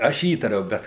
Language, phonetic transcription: Lithuanian, ˈaš ˈįtariau ˈbet

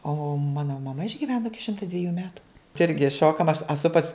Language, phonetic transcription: Lithuanian, o ˈmano maˈma išgiˈveno ˈiki ˈšimta dviˈjų ˈmetu tai ˈirgi ˈšokam aš aˈsu pas

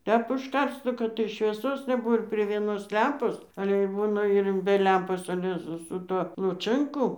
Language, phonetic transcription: Lithuanian, ˈtep užˈkars ˈnu kad tai švieˈsos neˈbuvo ir prie vieˈnos ˈlempos ale ir ˈbūna ir be ˈlempos aˈle su su ˈtuo luˈčɜnku

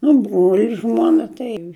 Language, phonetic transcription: Lithuanian, nu ˈbruoli ˈžmuona tai

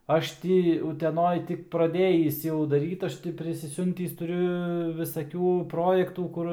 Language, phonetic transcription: Lithuanian, ˈaš ti uteˈnoj ˈtik praˈdėjįs jau daˈryt ˈaš ti prisiˈsiuntįs tuˈriu visaˈkių ˈprojektų ˈkur

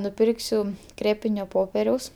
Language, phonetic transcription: Lithuanian, nuˈpirksiu ˈkrėpinio ˈpoperiaus

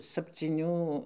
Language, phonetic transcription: Lithuanian, sapcyˈnių

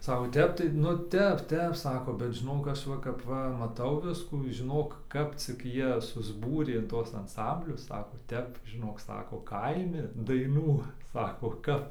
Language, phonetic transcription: Lithuanian, ˈsako ˈtep tai nu ˈtep ˈtep ˈsako bet žiˈnok ˈaš ˈva kap ˈva maˈtau ˈviskų žiˈnok ˈkap cik ˈjie susˈbūrė in ˈtuos anˈsamblius ˈsako ˈtep žiˈnok ˈsako ˈkaimi daiˈnų ˈsako kap

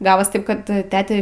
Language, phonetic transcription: Lithuanian, ˈgavos ˈtaip kad tete

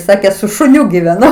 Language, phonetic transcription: Lithuanian, ˈsakė su šuˈniu giveˈnu

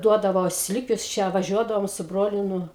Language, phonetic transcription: Lithuanian, ˈduodavo ˈslikiuos ˈčia vaˈžiuodavom su ˈbroliu ˈnu

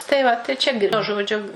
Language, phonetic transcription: Lithuanian, tai ˈva tai ˈčia ˈžodžiu

